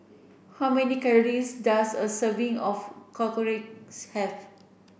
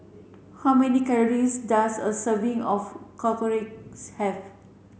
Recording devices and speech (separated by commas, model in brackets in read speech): boundary microphone (BM630), mobile phone (Samsung C7), read sentence